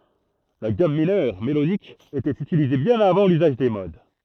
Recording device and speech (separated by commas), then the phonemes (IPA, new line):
throat microphone, read sentence
la ɡam minœʁ melodik etɛt ytilize bjɛ̃n avɑ̃ lyzaʒ de mod